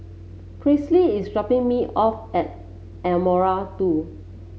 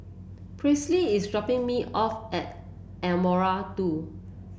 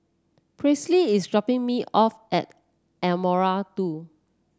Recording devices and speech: mobile phone (Samsung C7), boundary microphone (BM630), standing microphone (AKG C214), read sentence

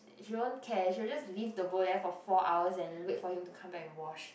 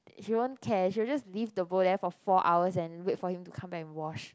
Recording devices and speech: boundary microphone, close-talking microphone, conversation in the same room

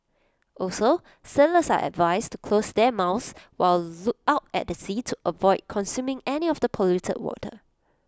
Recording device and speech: close-talking microphone (WH20), read sentence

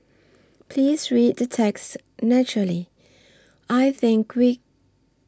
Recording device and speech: standing microphone (AKG C214), read sentence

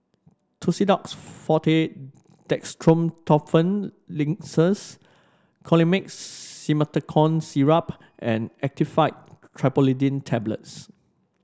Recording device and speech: standing microphone (AKG C214), read sentence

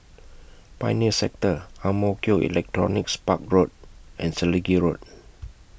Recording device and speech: boundary microphone (BM630), read sentence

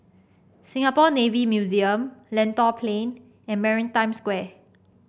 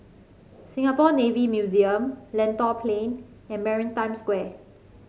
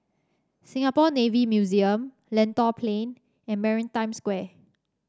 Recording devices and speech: boundary microphone (BM630), mobile phone (Samsung C5), standing microphone (AKG C214), read sentence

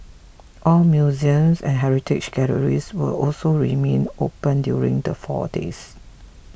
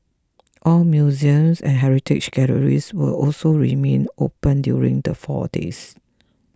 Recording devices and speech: boundary microphone (BM630), close-talking microphone (WH20), read sentence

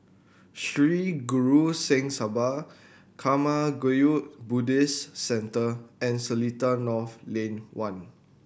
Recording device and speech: boundary microphone (BM630), read sentence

